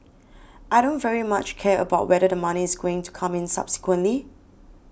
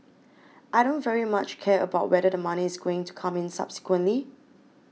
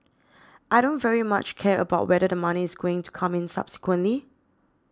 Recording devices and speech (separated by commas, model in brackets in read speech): boundary microphone (BM630), mobile phone (iPhone 6), standing microphone (AKG C214), read sentence